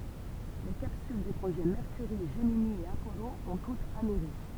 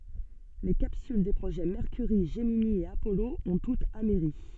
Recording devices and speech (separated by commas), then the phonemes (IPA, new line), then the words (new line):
temple vibration pickup, soft in-ear microphone, read sentence
le kapsyl de pʁoʒɛ mɛʁkyʁi ʒəmini e apɔlo ɔ̃ tutz amɛʁi
Les capsules des projets Mercury, Gemini et Apollo ont toutes amerri.